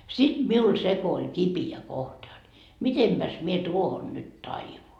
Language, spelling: Finnish, sitten minulla se kun oli kipeä kohta jotta mitenpäs minä tuohon nyt taivun
- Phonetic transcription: sit 'miul 'se ko oĺ "kipi₍ä 'kohta jot , 'mitempäs mie "tuohon nyt "taivun ?

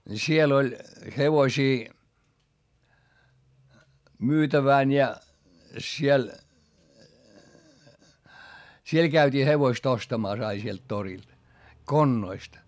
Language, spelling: Finnish, siellä oli hevosia myytävänä ja siellä siellä käytiin hevoset ostamassa aina sieltä torilta konnoista
- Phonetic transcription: siel ‿oĺ , hevosii , myytävä̀n ja , siel , siel käyt́ii hevoist ‿ostamàs ai sielt torilD , konnoist .

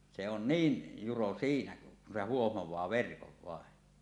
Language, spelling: Finnish, se on niin juro siinä kun se huomaa verkon vain
- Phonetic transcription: se on "niin , 'juro 'siinä , kun se "huohmoẁaa 'verkov 'vàen .

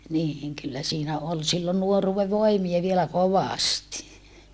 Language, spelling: Finnish, niin kyllä siinä oli silloin nuoruuden voimia vielä kovasti
- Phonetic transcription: niiŋ kyllä siinä ol sillon nuoruuve voimia vielä kovàsti .

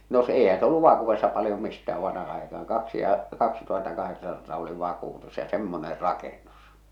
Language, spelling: Finnish, no - eihän se ollut vakuudessa paljon mistään vanha aikaan kaksi ja kaksituhattakahdeksansataa oli vakuutus ja semmoinen rakennus
- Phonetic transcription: no s- , èihää̰ s ‿olluv 'và̳kuv̆vessa paljom mistää vanha àekaaŋ 'kaksi ja , 'kaksituhattakaheksansataa oli 'và̳kùtus ja "semmoner̆ "rakennus !

